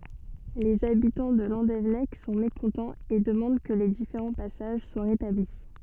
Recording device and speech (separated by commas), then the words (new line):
soft in-ear microphone, read sentence
Les habitants de Landévennec sont mécontents et demandent que les différents passages soient rétablis.